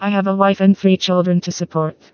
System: TTS, vocoder